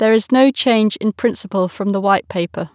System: none